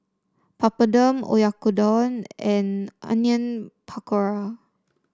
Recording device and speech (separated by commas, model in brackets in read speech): standing microphone (AKG C214), read sentence